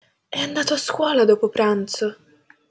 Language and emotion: Italian, surprised